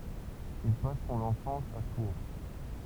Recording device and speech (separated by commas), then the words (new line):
temple vibration pickup, read sentence
Il passe son enfance à Tours.